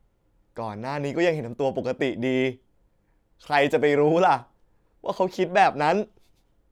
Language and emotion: Thai, sad